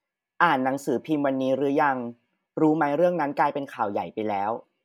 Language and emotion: Thai, neutral